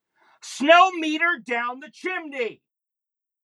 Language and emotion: English, neutral